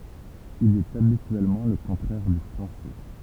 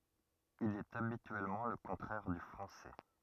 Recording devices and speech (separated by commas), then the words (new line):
temple vibration pickup, rigid in-ear microphone, read sentence
Il est habituellement le contraire du français.